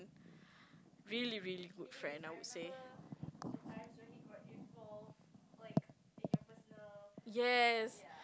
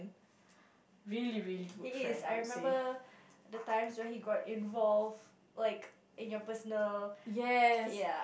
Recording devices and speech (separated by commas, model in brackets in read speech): close-talking microphone, boundary microphone, conversation in the same room